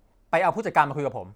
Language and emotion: Thai, angry